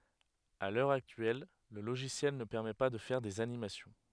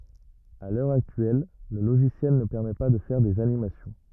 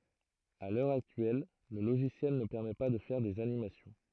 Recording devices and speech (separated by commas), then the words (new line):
headset microphone, rigid in-ear microphone, throat microphone, read sentence
À l'heure actuelle, le logiciel ne permet pas de faire des animations.